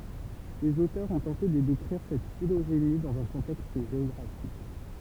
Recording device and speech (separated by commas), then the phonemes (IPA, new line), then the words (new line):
temple vibration pickup, read sentence
lez otœʁz ɔ̃ tɑ̃te də dekʁiʁ sɛt filoʒeni dɑ̃z œ̃ kɔ̃tɛkst ʒeɔɡʁafik
Les auteurs ont tenté de décrire cette phylogénie dans un contexte géographique.